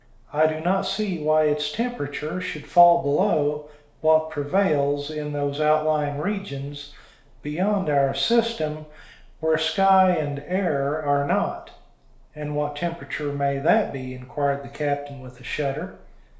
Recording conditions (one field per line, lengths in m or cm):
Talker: one person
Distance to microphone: 1.0 m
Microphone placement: close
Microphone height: 1.1 m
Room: small (3.7 m by 2.7 m)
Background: none